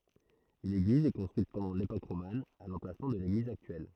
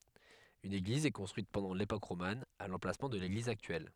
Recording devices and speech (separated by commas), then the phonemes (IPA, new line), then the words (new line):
throat microphone, headset microphone, read sentence
yn eɡliz ɛ kɔ̃stʁyit pɑ̃dɑ̃ lepok ʁoman a lɑ̃plasmɑ̃ də leɡliz aktyɛl
Une église est construite pendant l'époque romane, à l'emplacement de l'église actuelle.